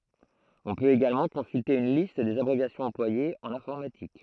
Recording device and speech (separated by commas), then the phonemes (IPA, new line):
throat microphone, read sentence
ɔ̃ pøt eɡalmɑ̃ kɔ̃sylte yn list dez abʁevjasjɔ̃z ɑ̃plwajez ɑ̃n ɛ̃fɔʁmatik